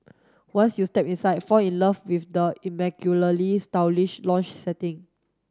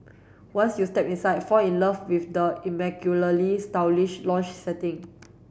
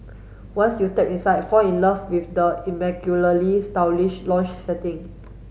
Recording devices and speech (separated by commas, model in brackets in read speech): standing microphone (AKG C214), boundary microphone (BM630), mobile phone (Samsung S8), read sentence